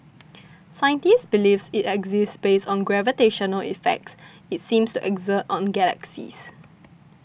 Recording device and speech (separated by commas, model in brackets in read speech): boundary microphone (BM630), read sentence